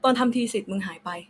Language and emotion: Thai, frustrated